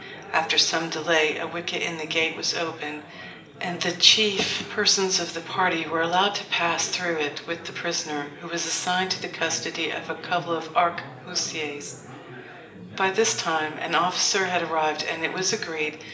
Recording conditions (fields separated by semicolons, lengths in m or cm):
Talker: one person; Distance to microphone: 1.8 m; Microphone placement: close; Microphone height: 1.0 m; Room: large; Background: babble